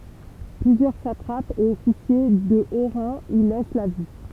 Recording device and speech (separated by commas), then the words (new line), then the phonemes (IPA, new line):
temple vibration pickup, read sentence
Plusieurs satrapes et officiers de haut rang y laissent la vie.
plyzjœʁ satʁapz e ɔfisje də o ʁɑ̃ i lɛs la vi